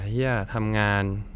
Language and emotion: Thai, frustrated